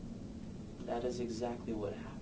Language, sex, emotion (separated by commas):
English, male, sad